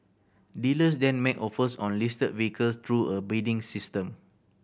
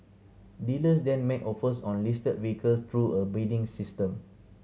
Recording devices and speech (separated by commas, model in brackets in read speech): boundary microphone (BM630), mobile phone (Samsung C7100), read sentence